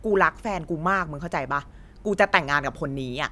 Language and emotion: Thai, frustrated